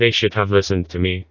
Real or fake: fake